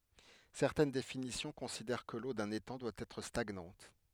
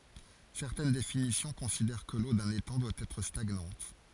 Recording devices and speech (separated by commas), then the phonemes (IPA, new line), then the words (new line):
headset microphone, forehead accelerometer, read sentence
sɛʁtɛn definisjɔ̃ kɔ̃sidɛʁ kə lo dœ̃n etɑ̃ dwa ɛtʁ staɡnɑ̃t
Certaines définitions considèrent que l'eau d'un étang doit être stagnante.